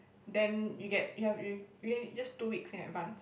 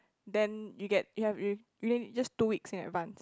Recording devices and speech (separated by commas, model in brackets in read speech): boundary microphone, close-talking microphone, conversation in the same room